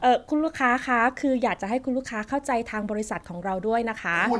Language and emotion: Thai, neutral